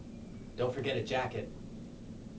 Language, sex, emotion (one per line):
English
male
neutral